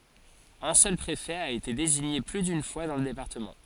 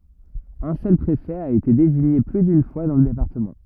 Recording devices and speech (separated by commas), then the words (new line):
forehead accelerometer, rigid in-ear microphone, read sentence
Un seul préfet a été désigné plus d’une fois dans le département.